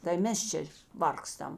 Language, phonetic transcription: Lithuanian, tai ˈmes čia ˈvargstam

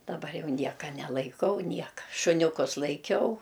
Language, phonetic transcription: Lithuanian, daˈbar ˈjau ˈnieka nelaiˈkau ˈnieka šuniuˈkus laiˈkiau

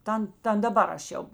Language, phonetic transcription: Lithuanian, ˈtan ˈtan daˈbar aš ˈjau

